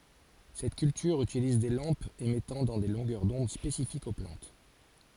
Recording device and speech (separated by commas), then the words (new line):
forehead accelerometer, read sentence
Cette culture utilise des lampes émettant dans des longueurs d'onde spécifiques aux plantes.